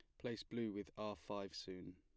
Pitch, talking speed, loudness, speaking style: 100 Hz, 205 wpm, -48 LUFS, plain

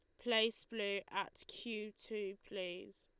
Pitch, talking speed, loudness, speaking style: 215 Hz, 130 wpm, -41 LUFS, Lombard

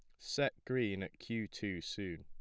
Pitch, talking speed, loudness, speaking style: 100 Hz, 180 wpm, -39 LUFS, plain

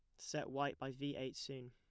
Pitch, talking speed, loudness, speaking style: 130 Hz, 240 wpm, -45 LUFS, plain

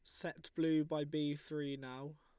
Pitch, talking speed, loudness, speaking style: 150 Hz, 180 wpm, -40 LUFS, Lombard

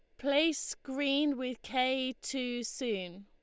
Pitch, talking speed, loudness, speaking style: 260 Hz, 120 wpm, -33 LUFS, Lombard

